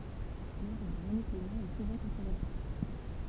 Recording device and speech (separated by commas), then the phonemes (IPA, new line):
temple vibration pickup, read sentence
lœvʁ də ʁəne klemɑ̃ ɛ suvɑ̃ kɔ̃tʁovɛʁse